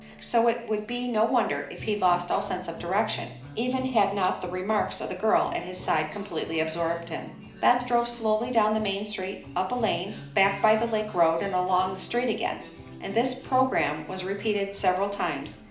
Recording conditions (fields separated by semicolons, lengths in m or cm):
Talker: one person; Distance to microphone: 2.0 m; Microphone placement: close; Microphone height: 99 cm; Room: medium-sized (5.7 m by 4.0 m); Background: music